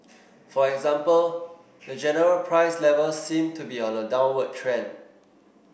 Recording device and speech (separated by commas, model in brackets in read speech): boundary microphone (BM630), read sentence